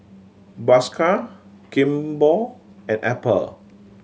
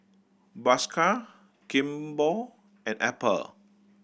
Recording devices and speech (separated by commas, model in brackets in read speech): mobile phone (Samsung C7100), boundary microphone (BM630), read sentence